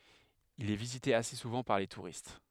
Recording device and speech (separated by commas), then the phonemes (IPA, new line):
headset microphone, read sentence
il ɛ vizite ase suvɑ̃ paʁ le tuʁist